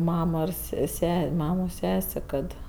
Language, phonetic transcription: Lithuanian, ˈmamo ir ˈse ˈsesė ˈmamo ˈsesė ˈkad ˈ

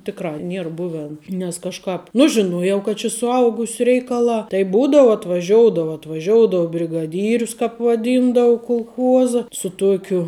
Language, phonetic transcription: Lithuanian, ˈtikˌrā ˈnier ˈbuven nes kažˈkāp ˈnu žiˈnuojau kad či suˈaugusiu ˈreikaˌlā tai ˈbūdavu atvaˈžioudava atvaˈžioudou brigaˈdyrius ˈkāp vaˈdyndau kulˈchuoza su ˈtuokiu

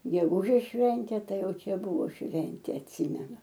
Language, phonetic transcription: Lithuanian, geˈgūžės ˈšventė ˈtai ˈjau ˈčia ˈbuvo ˈšventė atˈsimenu

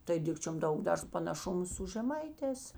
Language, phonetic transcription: Lithuanian, tai ˈdikčiom ˈdaug ˈdar panaˈšumu su žeˈmaiˌtēs

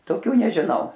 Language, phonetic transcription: Lithuanian, toˈkių nežiˈnau

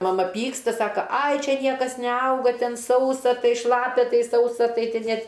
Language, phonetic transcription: Lithuanian, maˈma ˈpyksta ˈsaka ai ˈčia ˈniekas neˈauga ˈten ˈsausa ˈtai ˈšlapia ˈtai ˈsausa ˈtai ˈten ˈnėt

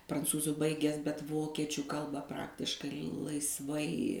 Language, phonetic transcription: Lithuanian, pranˈcūzu ˈbaigęs bet ˈvokiečiu ˈkalba ˈpraktiškai laisˈvai

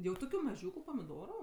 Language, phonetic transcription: Lithuanian, jau ˈtokiu maˈžiūku pamiˈdoru

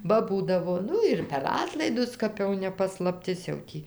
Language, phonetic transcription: Lithuanian, ˈba ˈbūdavo ˈnu ir per ˈatlaidus ˈkap jau ne paslapˈtis jau ˈtį

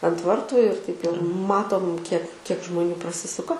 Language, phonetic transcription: Lithuanian, ant ˈvartu ir taip jau ˈmatom kiek kiek žmoˈnių praˈsisuka

